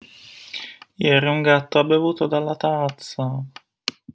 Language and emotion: Italian, sad